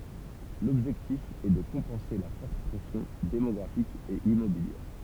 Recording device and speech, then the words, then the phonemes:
temple vibration pickup, read sentence
L'objectif est de compenser la forte pression démographique et immobilière.
lɔbʒɛktif ɛ də kɔ̃pɑ̃se la fɔʁt pʁɛsjɔ̃ demɔɡʁafik e immobiljɛʁ

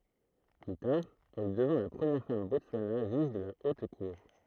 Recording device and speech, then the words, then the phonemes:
throat microphone, read sentence
Plus tard, elle devint la première femme Botswana juge de la Haute Cour.
ply taʁ ɛl dəvɛ̃ la pʁəmjɛʁ fam bɔtswana ʒyʒ də la ot kuʁ

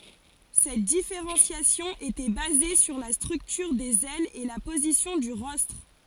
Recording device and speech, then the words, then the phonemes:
forehead accelerometer, read sentence
Cette différenciation était basée sur la structure des ailes et la position du rostre.
sɛt difeʁɑ̃sjasjɔ̃ etɛ baze syʁ la stʁyktyʁ dez ɛlz e la pozisjɔ̃ dy ʁɔstʁ

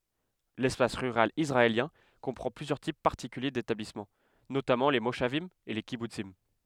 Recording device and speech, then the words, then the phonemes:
headset microphone, read sentence
L'espace rural israélien comprend plusieurs types particuliers d'établissements, notamment les moshavim et les kibboutzim.
lɛspas ʁyʁal isʁaeljɛ̃ kɔ̃pʁɑ̃ plyzjœʁ tip paʁtikylje detablismɑ̃ notamɑ̃ le moʃavim e le kibutsim

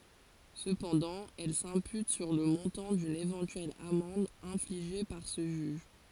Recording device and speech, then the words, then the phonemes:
forehead accelerometer, read sentence
Cependant, elle s'impute sur le montant d'une éventuelle amende infligée par ce juge.
səpɑ̃dɑ̃ ɛl sɛ̃pyt syʁ lə mɔ̃tɑ̃ dyn evɑ̃tyɛl amɑ̃d ɛ̃fliʒe paʁ sə ʒyʒ

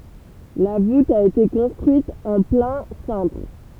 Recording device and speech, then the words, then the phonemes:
temple vibration pickup, read sentence
La voûte a été construite en plein cintre.
la vut a ete kɔ̃stʁyit ɑ̃ plɛ̃ sɛ̃tʁ

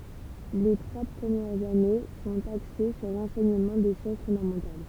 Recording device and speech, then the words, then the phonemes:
temple vibration pickup, read sentence
Les trois premières années sont axées sur l'enseignement des sciences fondamentales.
le tʁwa pʁəmjɛʁz ane sɔ̃t akse syʁ lɑ̃sɛɲəmɑ̃ de sjɑ̃s fɔ̃damɑ̃tal

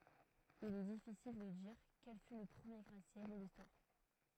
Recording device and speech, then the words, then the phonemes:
throat microphone, read sentence
Il est difficile de dire quel fut le premier gratte-ciel de l’Histoire.
il ɛ difisil də diʁ kɛl fy lə pʁəmje ɡʁatəsjɛl də listwaʁ

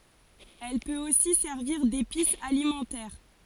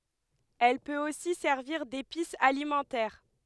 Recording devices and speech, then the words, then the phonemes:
forehead accelerometer, headset microphone, read sentence
Elle peut aussi servir d'épice alimentaire.
ɛl pøt osi sɛʁviʁ depis alimɑ̃tɛʁ

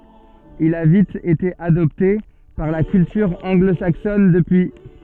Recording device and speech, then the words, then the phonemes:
soft in-ear microphone, read sentence
Il a vite été adopté par la culture anglo-saxonne depuis.
il a vit ete adɔpte paʁ la kyltyʁ ɑ̃ɡlo saksɔn dəpyi

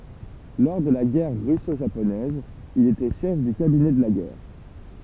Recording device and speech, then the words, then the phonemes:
temple vibration pickup, read sentence
Lors de la Guerre russo-japonaise, il était chef du cabinet de la guerre.
lɔʁ də la ɡɛʁ ʁysoʒaponɛz il etɛ ʃɛf dy kabinɛ də la ɡɛʁ

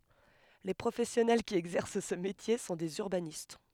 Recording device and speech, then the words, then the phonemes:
headset microphone, read sentence
Les professionnels qui exercent ce métier sont des urbanistes.
le pʁofɛsjɔnɛl ki ɛɡzɛʁs sə metje sɔ̃ dez yʁbanist

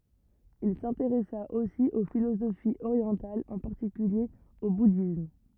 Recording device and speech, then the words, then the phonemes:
rigid in-ear microphone, read sentence
Il s'intéressa aussi aux philosophies orientales, en particulier au bouddhisme.
il sɛ̃teʁɛsa osi o filozofiz oʁjɑ̃talz ɑ̃ paʁtikylje o budism

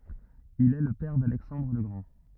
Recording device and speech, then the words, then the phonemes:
rigid in-ear microphone, read sentence
Il est le père d'Alexandre le Grand.
il ɛ lə pɛʁ dalɛksɑ̃dʁ lə ɡʁɑ̃

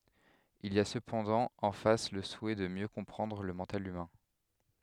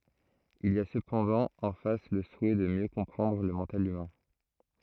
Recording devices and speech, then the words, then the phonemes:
headset microphone, throat microphone, read sentence
Il y a cependant en face le souhait de mieux comprendre le mental humain.
il i a səpɑ̃dɑ̃ ɑ̃ fas lə suɛ də mjø kɔ̃pʁɑ̃dʁ lə mɑ̃tal ymɛ̃

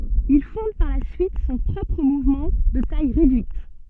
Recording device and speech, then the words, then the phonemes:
soft in-ear microphone, read sentence
Il fonde par la suite son propre mouvement, de taille réduite.
il fɔ̃d paʁ la syit sɔ̃ pʁɔpʁ muvmɑ̃ də taj ʁedyit

